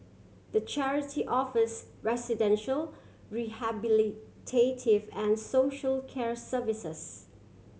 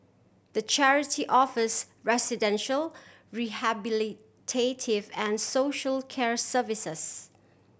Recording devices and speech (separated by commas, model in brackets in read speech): mobile phone (Samsung C7100), boundary microphone (BM630), read sentence